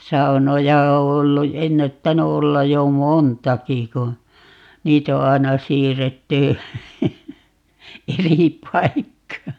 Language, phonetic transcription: Finnish, "saunoja o 'ollu , "ennättäny 'ollaj 'jo "montaki ku , 'niit ‿o 'aena "siirretty , "eri "paikkaa .
- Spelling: saunoja on ollut ennättänyt olla jo montakin kun niitä on aina siirretty eri paikkaan

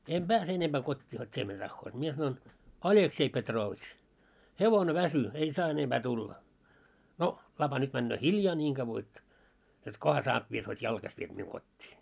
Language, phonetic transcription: Finnish, em "ʙääse 'enemʙää 'kot́t́ii hot́ 't́ie mitä tahhoot , mie sanoin , » "Aĺeksei Petroovitš , "hevone 'väsy , en 'saa enemʙä 'tulläa « » 'no , 'lapa nyt 'männöö "hiljaa 'ńiiŋ ɢavvo et , jot 'koha saat 'viet hot́ "jalkaś viet miuŋ 'kot́t́ii . «
- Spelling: en pääse enempää kotiin hot te mitä tahdot minä sanoin Aleksei Petrovitš hevonen väsyi en saa enempää tulla no lapa nyt menee hiljaa niin kauan että jotta kunhan saat vietyä hot jalkaisin viet minun kotiin

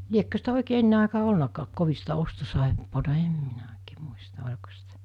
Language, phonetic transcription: Finnish, 'liekkö sitä 'òikee 'enne àikaa 'olnakaak 'kovi sitä 'ostosàeppoota 'em minä òikee 'muista 'oĺko sitä .
- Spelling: liekö sitä oikein ennen aikaa ollutkaan kovin sitä ostosaippuaa en minä oikein muista oliko sitä

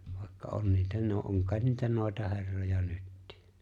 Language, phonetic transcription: Finnish, vài̬kka '’on niitä no- 'oŋ kài̬t niitä 'nòi̬taherroja 'nyttɪɪ .
- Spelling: vaikka on niitä - on kai niitä noitaherroja nytkin

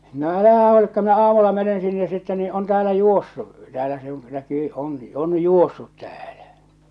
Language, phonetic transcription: Finnish, no "älähä huolikka minä 'aamulla menen sinne sitte nii on 'täälä 'juossu , 'täälä se oo̰ , 'näkyy , 'oŋki , 'on 'juossut tᴀ̈ᴀ̈Lᴀ̈ .
- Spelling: no älähän huolikaan minä aamulla menen sinne sitten niin on täällä juossut täällä se on näkyy onkin on juossut täällä

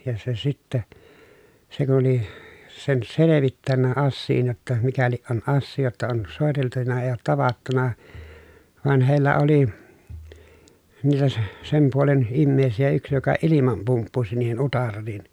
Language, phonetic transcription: Finnish, ja se sitte , se kun̬ oli , sen selevittännä assiin jotta mikäliʼ ʼon ʼassii jotta on sòeteltuna ee oot tavattuna , van hèi̮llä oli , niitä se- , sem puolen , immeesijä yks joka ilimam pumppusi niihen utarriin .
- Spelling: ja se sitten se kun oli sen selvittänyt asian jotta mikäli on asiaa jotta on soiteltu ei ole tavattu vaan heillä oli niitä se sen puolen ihmisiä yksi joka ilman pumppusi niihin utariin

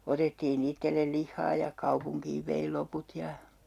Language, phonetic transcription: Finnish, 'otettii'n ‿ittellel 'lihhaa ja , 'kuapuŋkiiv vei 'loput ja , .
- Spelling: otettiin itselle lihaa ja kaupunkiin vei loput ja

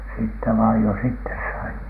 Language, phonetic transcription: Finnish, niin 'sitte , 'sitte vaij jos "ittes sai .
- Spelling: niin sitten sitten vain jos itse sai

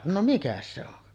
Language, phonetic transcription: Finnish, no 'mikäs se ‿on .
- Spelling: no mikäs se on

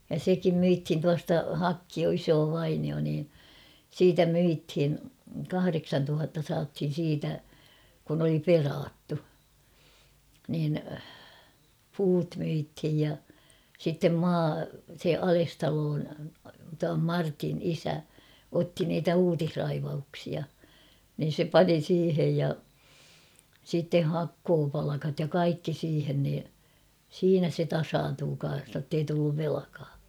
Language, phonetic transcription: Finnish, ja "sekim 'myithin 'tuasta "Hakkio 'isoo 'vainio nii , "siitä "myithin̬ , 'kahareksantuhatta saathin̬ 'siitä , kun ‿oli "peraattu , niin , 'puut myithij ja , sittem "maa , se "Alestaloon , tuam "Martin "isä , 'otti niitä "uutihraivauksia , nin̬ se "pani 'siihej ja , sitte "hakkoopalakat ja 'kaikki siihen nii , 'siinä se 'tasaantuu kan̬s nottei tulluv 'velᵃkaa .
- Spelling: ja sekin myytiin tuosta Hakkio isoa vainiota niin siitä myytiin kahdeksantuhatta saatiin siitä kun oli perattu niin puut myytiin ja sitten maa se Alestalon tuon Martin isä otti niitä uutisraivauksia niin se pani siihen ja sitten hakkuupalkat ja kaikki siihen niin siinä se tasaantui kanssa jotta ei tullut velkaa

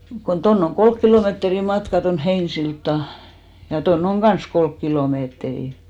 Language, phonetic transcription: Finnish, kon 'tonn ‿oŋ "kolk kilòmeetri 'matka ton 'Heinsilttà , ja tonn ‿oŋ "ɢans 'kolk kilòmeetrì .
- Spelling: kun tuonne on kolme kilometriä' matkaa tuonne Heinäsiltaan ja tuonne on kanssa kolme kilometriä

